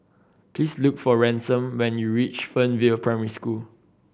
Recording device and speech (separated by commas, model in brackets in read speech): boundary microphone (BM630), read sentence